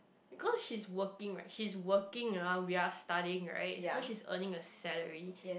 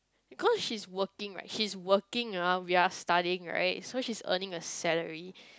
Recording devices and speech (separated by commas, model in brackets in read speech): boundary microphone, close-talking microphone, conversation in the same room